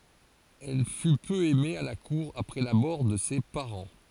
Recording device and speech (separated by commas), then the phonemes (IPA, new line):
forehead accelerometer, read sentence
ɛl fy pø ɛme a la kuʁ apʁɛ la mɔʁ də se paʁɑ̃